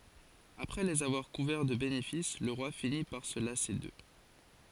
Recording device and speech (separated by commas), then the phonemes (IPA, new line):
forehead accelerometer, read sentence
apʁɛ lez avwaʁ kuvɛʁ də benefis lə ʁwa fini paʁ sə lase dø